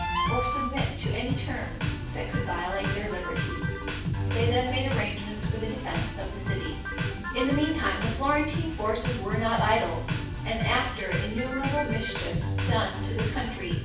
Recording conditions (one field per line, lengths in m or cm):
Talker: one person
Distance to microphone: 9.8 m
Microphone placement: far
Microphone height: 1.8 m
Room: large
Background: music